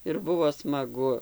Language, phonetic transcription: Lithuanian, ir ˈbuvo smaˈgu

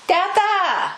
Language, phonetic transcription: Lithuanian, ˈteta

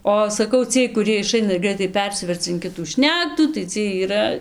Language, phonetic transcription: Lithuanian, ˈo saˈkau ˈciej kuˈriej iˈšaina ir ˈgraitai ˈpersiverca in ˈkitų ˈšnektų tai ˈciej yˈra

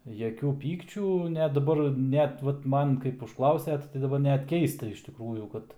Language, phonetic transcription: Lithuanian, jaˈkių ˈpykčių net daˈbar ˈnet ˈvat ˈman kaip užˈklausiat tai daˈbar ˈnet ˈkeista iš tikˈrųjų ˈkad

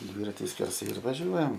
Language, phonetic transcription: Lithuanian, ˈdvyrati skerˈsai ir vaˈžiuojam

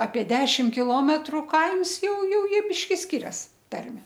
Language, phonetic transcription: Lithuanian, apie ˈdešim kiˈlometru ˈkaims ˈjau ˈjau ˈjie ˈbiški ˈskirias ˈtarme

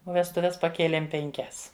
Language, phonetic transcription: Lithuanian, o vestuˈves paˈkėlėm penˈkias

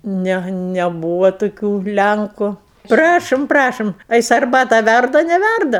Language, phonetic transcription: Lithuanian, ˈne neˈbūva toˈkių ˈlænku ˈprašom ˈprašom a ˈjis arˈbatą ˈværda a neˈværda

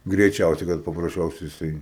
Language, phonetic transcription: Lithuanian, greiˈčiausiai kad paprasˈčiausia jiˈsai

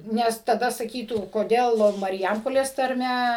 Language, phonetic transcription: Lithuanian, ˈnes taˈda saˈkytų koˈdėl marˈjampolės tarˈme

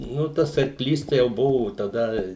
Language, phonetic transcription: Lithuanian, ˈnu ˈtas arˈklys jau ˈbuvo taˈda

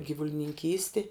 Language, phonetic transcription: Lithuanian, gyvulininˈkysti

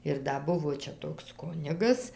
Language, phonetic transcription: Lithuanian, ir ˈda ˈbuvo ˈčia ˈtoks ˈkunigas

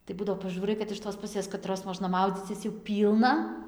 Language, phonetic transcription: Lithuanian, tai ˈbudavo paˈžūrai kad iš tos puˈsės kaˈtros ˈmožna ˈmaudzycis jau ˈpylna

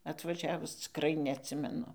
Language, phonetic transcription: Lithuanian, atvaˈžiavus cikˈrai neatˈsimenu

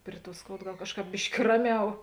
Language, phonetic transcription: Lithuanian, ˈpri ˌtuo ˈskoud ˈgal ˈkažˌkāp ˈbiški ˈraˌmiau

